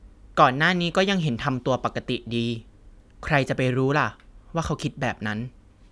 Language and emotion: Thai, neutral